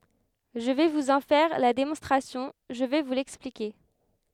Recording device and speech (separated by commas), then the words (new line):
headset microphone, read sentence
Je vais vous en faire la démonstration, je vais vous l'expliquer.